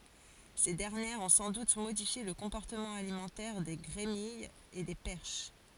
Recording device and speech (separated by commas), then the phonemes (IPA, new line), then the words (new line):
forehead accelerometer, read sentence
se dɛʁnjɛʁz ɔ̃ sɑ̃ dut modifje lə kɔ̃pɔʁtəmɑ̃ alimɑ̃tɛʁ de ɡʁemijz e de pɛʁʃ
Ces dernières ont sans doute modifié le comportement alimentaire des grémilles et des perches.